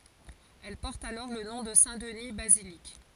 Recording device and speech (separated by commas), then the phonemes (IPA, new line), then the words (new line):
forehead accelerometer, read sentence
ɛl pɔʁt alɔʁ lə nɔ̃ də sɛ̃tdni bazilik
Elle porte alors le nom de Saint-Denis - Basilique.